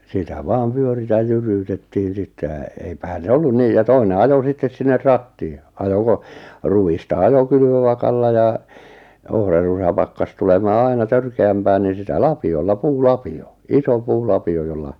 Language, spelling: Finnish, sitä vain pyörittää jyryytettiin sitten ja eipähän se ollut niin ja toinen ajoi sitten sinne ratiin ja ajoi - ruista ajoi kylvövakalla ja ohrasta pakkasi tulemaan aina törkeämpää niin sitä lapiolla puulapio iso puulapio jolla
- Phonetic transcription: sitä 'vaam "pyöritäj 'jyryytettiin̬ sitte ʿjʾa , eipähän 'se "ollun "nii ja "toine "ajo 'sittes sinne 'rattii ʿʲʾa) , ajo 'ko- , ru₍ista 'ajo 'kylvövakalla ja , 'ohrarusa pakkas tulemaa 'aina "törke₍ämpää niin̬ 'sitä "lapi₍olla "puu"lapi₍o , 'iso 'puu'lapi₍o jolla ,.

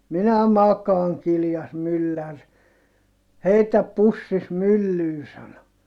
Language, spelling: Finnish, minä makaan kiljaisi mylläri heitä pussisi myllyyn sanoi
- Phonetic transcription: » minä makaaŋ » kiljas myllär , » heitäp pussis myllyy » sano .

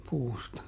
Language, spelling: Finnish, puusta
- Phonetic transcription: ˈpuusta .

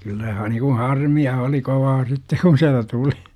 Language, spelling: Finnish, kyllä - niin kuin harmia oli kovaa sitten kun sieltä tuli
- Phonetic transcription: kyllä ha- nikun̬ "harmi₍a oli 'kovaa 'sitte kun̬ siältä 'tuli .

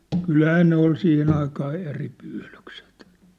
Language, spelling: Finnish, kyllähän ne oli siihen aikaa eri pyydykset
- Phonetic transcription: 'kylhää 'ne ‿ol 'siihen ‿aikaa eri pyylykset .

